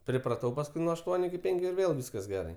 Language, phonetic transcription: Lithuanian, pripraˈtau pasˈkui nuo ašˈtuoniu iki ˈpenkiu ir ˈvėl ˈvyskas ˈgerai

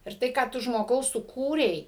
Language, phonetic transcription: Lithuanian, ir ˈtai ką ˈtu žmoˈgau suˈkūrei

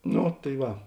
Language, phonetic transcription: Lithuanian, ˈno tai ˈva

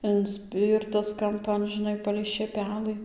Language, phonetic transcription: Lithuanian, inˈspyrtas kamˈpan žiˈnai palei šėˈpelɨ

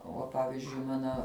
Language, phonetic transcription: Lithuanian, ˈuo ˈpavizdžiui ˈmana

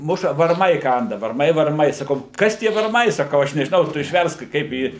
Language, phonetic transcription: Lithuanian, ˈmuša varˈmai ˈkanda varˈmai varˈmai saˈkau ˈkas tie varˈmai saˈkau ˈaš nežiˈnau ˈtu išˈversk ˈkaip į

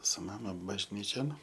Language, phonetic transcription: Lithuanian, su ˈmama bažˈnyčion

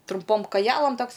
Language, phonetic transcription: Lithuanian, trumˈpom kaˈjelam ˈtoks

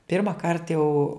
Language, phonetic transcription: Lithuanian, pirmaˈkart jau

